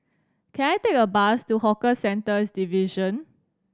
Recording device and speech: standing microphone (AKG C214), read sentence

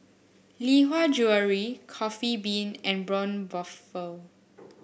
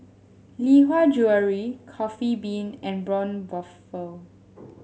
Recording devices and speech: boundary microphone (BM630), mobile phone (Samsung S8), read sentence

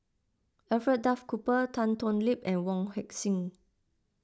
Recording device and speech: close-talking microphone (WH20), read sentence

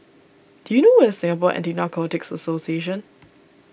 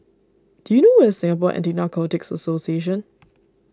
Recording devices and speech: boundary microphone (BM630), standing microphone (AKG C214), read sentence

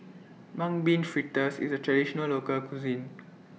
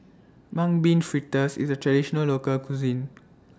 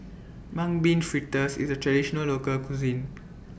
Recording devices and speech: mobile phone (iPhone 6), standing microphone (AKG C214), boundary microphone (BM630), read sentence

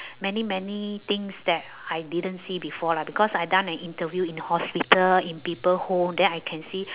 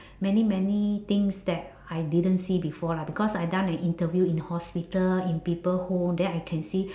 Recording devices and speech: telephone, standing microphone, conversation in separate rooms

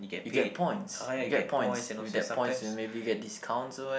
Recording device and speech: boundary microphone, conversation in the same room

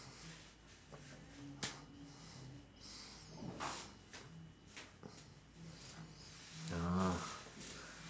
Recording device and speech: standing microphone, conversation in separate rooms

